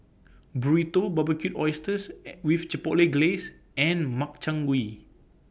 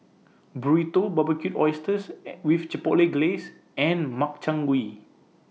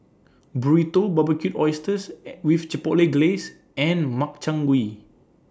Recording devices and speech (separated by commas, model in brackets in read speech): boundary microphone (BM630), mobile phone (iPhone 6), standing microphone (AKG C214), read sentence